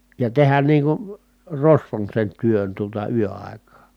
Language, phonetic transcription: Finnish, ja tehän niiŋ kun̬ , rosvon sen työn tuota yö₍ài̮kaa .
- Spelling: ja tehdä niin kuin rosvon sen työn tuota yöaikaa

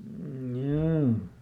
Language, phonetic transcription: Finnish, m̥joo .
- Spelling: joo

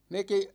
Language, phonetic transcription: Finnish, 'meki ,.
- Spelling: mekin

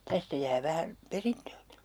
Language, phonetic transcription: Finnish, 'tästä jää 'vähän̬ , "perintöökI .
- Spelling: tästä jää vähän perintöäkin

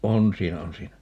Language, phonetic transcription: Finnish, "on 'siinä "on 'siinä .
- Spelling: on siinä on siinä

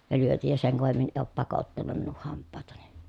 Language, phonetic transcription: Finnish, ja lyötij ja seŋ kovemmin e òp pakottanum minuh hamppàetani .
- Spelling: ja lyötin ja sen kovemmin ei ole pakottanut minun hampaitani

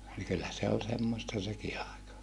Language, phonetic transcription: Finnish, nii kyllä se ol semmosta seki àeka .
- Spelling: niin kyllä se oli semmoista sekin aika

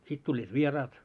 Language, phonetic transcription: Finnish, 'sit tuĺĺiit "vieraat .
- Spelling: sitten tulivat vieraat

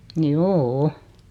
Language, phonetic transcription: Finnish, njoo₍"o .
- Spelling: joo

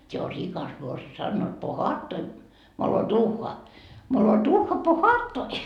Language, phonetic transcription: Finnish, se o 'rikas morsi₍a sannoit po"haattoi , molo'duuhha , molo'duuhha po"haattoi .
- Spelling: se on rikas morsian sanoivat pohaattoi moloduuhha moloduuhha pohaattoi

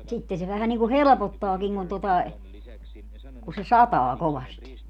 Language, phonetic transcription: Finnish, 'sitte se vähän niŋku "helᵉpottaakiŋ kun tota e , ku se "sataa 'kovasti .
- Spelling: sitten se vähän niin kuin helpottaakin kun tuota - kun se sataa kovasti

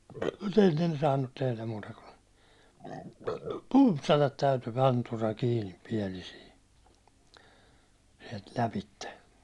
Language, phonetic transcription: Finnish, mut ennen ‿ei ne saannut 'tehläm muuta kun , 'pumpsatat täytyy 'rantura kiinip 'piɛlisii , siɛlt 'läpitte .
- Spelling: mutta ennen ei ne saanut tehdä muuta kuin pumpsata täytyy antura kiinni pielisiin sieltä lävitse

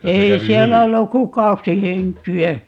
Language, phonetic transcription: Finnish, 'ei "siellä olluk ku "kaksi 'heŋki₍ä .
- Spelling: ei siellä ollut kuin kaksi henkeä

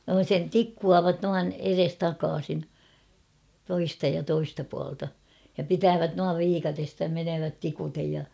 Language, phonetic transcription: Finnish, sen "tikkuuavat 'nuan "eres'takaasin , 'toista ja 'toista pualta , ja "pitäävät nuav 'viikatesta ja 'menöövät 'tikutej ja .
- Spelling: sen tikkuavat noin edestakaisin toista ja toista puolelta ja pitävät noin viikatteesta ja menevät tikuten ja

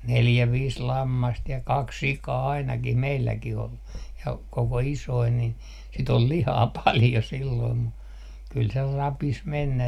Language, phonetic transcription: Finnish, 'neljä 'viis "lammast ja "kaks 'sikaa 'ainakih 'meilläkih ‿ol , ja koko 'isoi nin , si't ‿ol 'lihaa "paljo 'silloim mu , kyl se 'rapis mennä .
- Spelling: neljä viisi lammasta ja kaksi sikaa ainakin meilläkin oli ja koko isoja niin sitä oli lihaa paljon silloin mutta kyllä se rapisi mennä

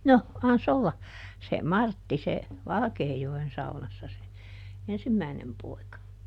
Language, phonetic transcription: Finnish, ˈno , ˈan"s ‿olla , se "Martti se , "Valᵃkeejo₍en ˈsaunassa se , "ensimmäi̮nem ˈpoi̮ka .
- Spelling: no annas olla se Martti se Valkeajoen saunassa se ensimmäinen poika

